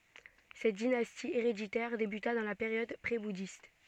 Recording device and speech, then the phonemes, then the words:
soft in-ear microphone, read sentence
sɛt dinasti eʁeditɛʁ debyta dɑ̃ la peʁjɔd pʁebudist
Cette dynastie héréditaire débuta dans la période prébouddhiste.

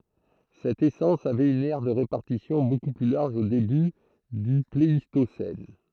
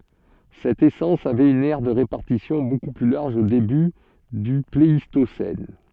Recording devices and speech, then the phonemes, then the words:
throat microphone, soft in-ear microphone, read sentence
sɛt esɑ̃s avɛt yn ɛʁ də ʁepaʁtisjɔ̃ boku ply laʁʒ o deby dy pleistosɛn
Cette essence avait une aire de répartition beaucoup plus large au début du Pléistocène.

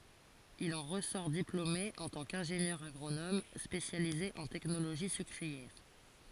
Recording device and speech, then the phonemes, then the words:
forehead accelerometer, read sentence
il ɑ̃ ʁəsɔʁ diplome ɑ̃ tɑ̃ kɛ̃ʒenjœʁ aɡʁonom spesjalize ɑ̃ tɛknoloʒi sykʁiɛʁ
Il en ressort diplômé en tant qu'ingénieur agronome spécialisé en technologie sucrière.

